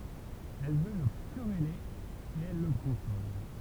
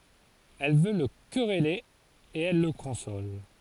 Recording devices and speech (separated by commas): temple vibration pickup, forehead accelerometer, read sentence